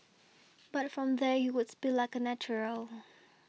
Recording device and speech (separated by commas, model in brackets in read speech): mobile phone (iPhone 6), read sentence